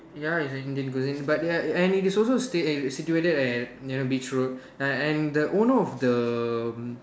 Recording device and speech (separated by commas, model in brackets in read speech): standing microphone, conversation in separate rooms